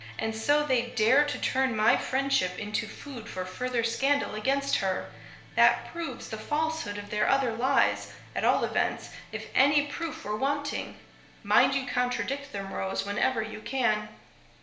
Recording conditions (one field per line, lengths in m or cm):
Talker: one person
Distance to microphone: 1.0 m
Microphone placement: close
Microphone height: 1.1 m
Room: small (3.7 m by 2.7 m)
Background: music